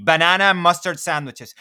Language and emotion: English, neutral